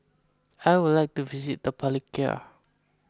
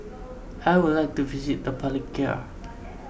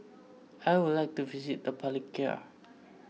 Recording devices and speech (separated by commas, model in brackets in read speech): close-talking microphone (WH20), boundary microphone (BM630), mobile phone (iPhone 6), read sentence